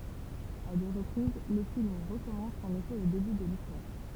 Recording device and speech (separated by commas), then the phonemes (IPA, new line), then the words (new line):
temple vibration pickup, read sentence
a dø ʁəpʁiz lə film ʁəkɔmɑ̃s ɑ̃n efɛ o deby də listwaʁ
À deux reprises, le film recommence en effet au début de l'histoire.